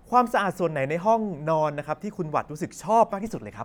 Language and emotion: Thai, happy